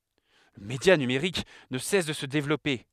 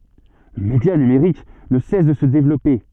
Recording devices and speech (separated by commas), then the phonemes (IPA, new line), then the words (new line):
headset microphone, soft in-ear microphone, read sentence
lə medja nymʁik nə sɛs də sə devlɔpe
Le média numerique ne cesse de se développer.